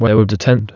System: TTS, waveform concatenation